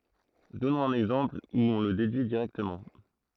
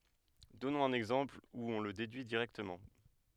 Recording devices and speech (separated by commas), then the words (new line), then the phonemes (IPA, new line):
throat microphone, headset microphone, read sentence
Donnons un exemple où on le déduit directement.
dɔnɔ̃z œ̃n ɛɡzɑ̃pl u ɔ̃ lə dedyi diʁɛktəmɑ̃